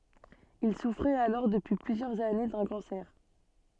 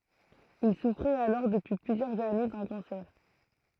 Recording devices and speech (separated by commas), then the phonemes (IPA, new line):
soft in-ear microphone, throat microphone, read sentence
il sufʁɛt alɔʁ dəpyi plyzjœʁz ane dœ̃ kɑ̃sɛʁ